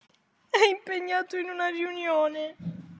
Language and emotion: Italian, sad